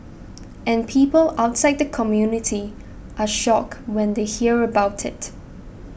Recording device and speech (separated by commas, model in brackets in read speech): boundary microphone (BM630), read sentence